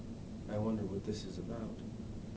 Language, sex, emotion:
English
male
neutral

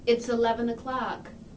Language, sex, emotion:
English
female
neutral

